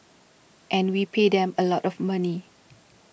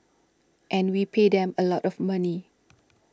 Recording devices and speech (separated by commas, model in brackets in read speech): boundary microphone (BM630), standing microphone (AKG C214), read sentence